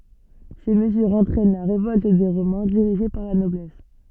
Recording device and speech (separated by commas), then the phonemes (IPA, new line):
soft in-ear microphone, read sentence
se məzyʁz ɑ̃tʁɛn la ʁevɔlt de ʁomɛ̃ diʁiʒe paʁ la nɔblɛs